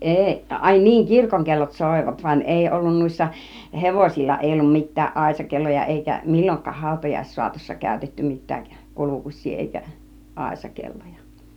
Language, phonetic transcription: Finnish, 'eeˀ , ài niiŋ "kirkoŋkellot "sòivat , van 'èi ollun 'nùissa , "hevosil͕l͕a èi ollum 'mit̆tääˀ "ˀàisakelloja èikä "mil͕l͕oŋk̆kaah 'hàutajaissuatossa kä̀ytetty 'mit̆tääk "kulukuś̆sii èikä , "àisakelloja .
- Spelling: ei ai niin kirkonkellot soivat vaan ei ollut noissa hevosilla ei ollut mitään aisakelloja eikä milloinkaan hautajaissaatossa käytetty mitään kulkusia eikä aisakelloja

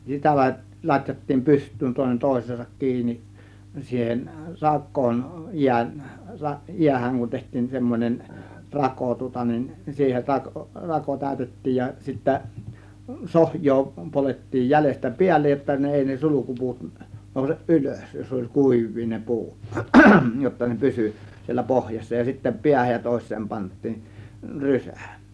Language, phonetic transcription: Finnish, sitä la- , 'lat́jattiim "pyst̆tyyn tòėnen "tòės̀eesak 'kiini , siihen 'rak̆koon , jiän- , 'jiähäŋ kun teht̆tiin 'semmon͕en , "rako tŭŏta nin , siihen 'rakŏ , rako 'tä̀ö̇tet̀tiij ja sittä , 'sohj̀oo polet̀tiij jälestä "piällej jotta ne 'èi ne "sulukupuut , nòuseˀ "ˀylös , jos oĺ "kùiv̆vii ne "pu̬ut jotta ne "pysy , siellä "pohjassa ja sittä 'piähäj ja 'tòės̆seem pant̆tiin , "rysÄ̀ .
- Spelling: sitä - latjattiin pystyyn toinen toiseensa kiinni siihen rakoon - jäähän kun tehtiin semmoinen rako tuota niin siihen rako rako täytettiin ja sitten sohjoa poljettiin jäljestä päälle jotta ne ei ne sulkupuut nouse ylös jos oli kuivia ne puut jotta ne pysyi siellä pohjassa ja sitten päähän ja toiseen pantiin rysä

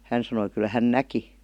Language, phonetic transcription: Finnish, hän sanoi "kyl » hän "näki « .
- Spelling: hän sanoi kyllä hän näki

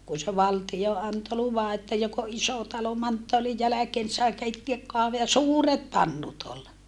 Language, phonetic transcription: Finnish, kun̬ se valtijo anto luva että jok ‿o ʼiso talo manttoalij jäläkeen ni sai keitteäk - - ja suuret pannut ol .
- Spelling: kun se valtio antoi luvan että joka on iso talo manttaalin jälkeen niin sai keittää ja suuret pannut oli

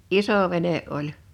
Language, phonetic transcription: Finnish, isò 'vene '’oĺ .
- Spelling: iso vene oli

